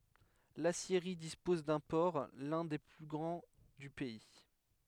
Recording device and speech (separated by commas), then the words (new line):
headset microphone, read sentence
L’aciérie dispose d'un port, l’un des plus grands du pays.